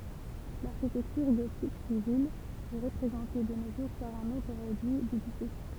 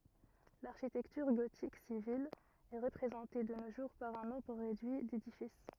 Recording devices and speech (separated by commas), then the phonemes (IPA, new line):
temple vibration pickup, rigid in-ear microphone, read sentence
laʁʃitɛktyʁ ɡotik sivil ɛ ʁəpʁezɑ̃te də no ʒuʁ paʁ œ̃ nɔ̃bʁ ʁedyi dedifis